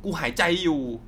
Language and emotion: Thai, frustrated